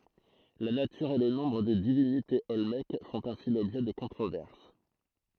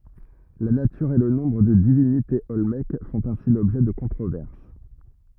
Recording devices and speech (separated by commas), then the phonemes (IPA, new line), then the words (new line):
throat microphone, rigid in-ear microphone, read sentence
la natyʁ e lə nɔ̃bʁ də divinitez ɔlmɛk fɔ̃t ɛ̃si lɔbʒɛ də kɔ̃tʁovɛʁs
La nature et le nombre de divinités olmèques font ainsi l’objet de controverses.